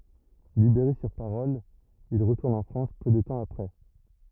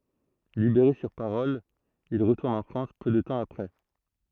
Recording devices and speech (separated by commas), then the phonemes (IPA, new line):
rigid in-ear microphone, throat microphone, read sentence
libeʁe syʁ paʁɔl il ʁətuʁn ɑ̃ fʁɑ̃s pø də tɑ̃ apʁɛ